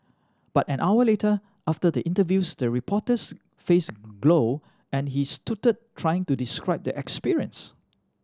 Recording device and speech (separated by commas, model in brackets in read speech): standing microphone (AKG C214), read sentence